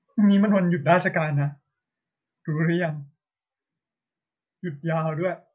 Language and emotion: Thai, sad